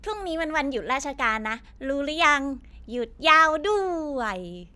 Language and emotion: Thai, happy